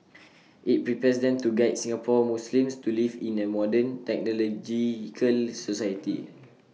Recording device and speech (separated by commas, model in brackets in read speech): mobile phone (iPhone 6), read sentence